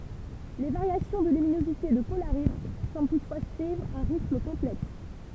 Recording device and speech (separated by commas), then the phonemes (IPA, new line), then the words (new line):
temple vibration pickup, read sentence
le vaʁjasjɔ̃ də lyminozite də polaʁi sɑ̃bl tutfwa syivʁ œ̃ ʁitm kɔ̃plɛks
Les variations de luminosité de Polaris semblent toutefois suivre un rythme complexe.